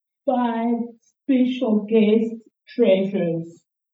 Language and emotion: English, sad